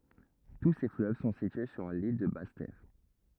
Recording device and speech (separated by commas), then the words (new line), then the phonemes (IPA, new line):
rigid in-ear microphone, read sentence
Tous ces fleuves sont situés sur l'île de Basse-Terre.
tu se fløv sɔ̃ sitye syʁ lil də bas tɛʁ